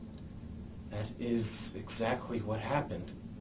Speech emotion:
fearful